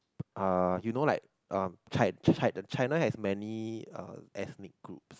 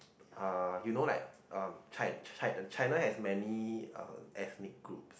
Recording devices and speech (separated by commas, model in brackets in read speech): close-talking microphone, boundary microphone, conversation in the same room